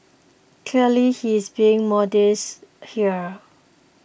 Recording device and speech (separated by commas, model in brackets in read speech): boundary microphone (BM630), read sentence